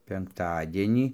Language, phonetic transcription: Lithuanian, penkˈtadienį

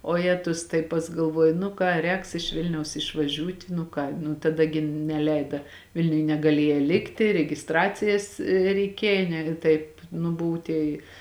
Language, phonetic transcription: Lithuanian, oˈjetus tai ˈpas galˈvuoji nu ˈką ˈrēks iš ˈvilniaus išvaˈžiūti nu ˈką nu taˈda gi neˈleida ˈvilniuj negaˈlieja ˈlikti reˈgistracijas reiˈkėja ne ˈtaip nu ˈbuvu tei

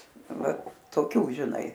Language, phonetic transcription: Lithuanian, ˈva toˈkių žiˈnai

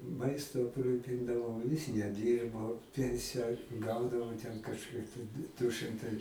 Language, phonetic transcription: Lithuanian, ˈmaistu apˈrūpindavau jis neˈdyrbo ˈpensija ˈgaudavo ten kažˈkiek tai du ˈšɨmtai

